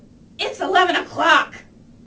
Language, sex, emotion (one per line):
English
female
angry